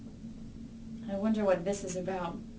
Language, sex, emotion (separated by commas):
English, female, fearful